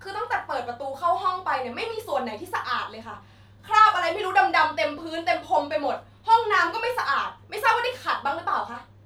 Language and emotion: Thai, angry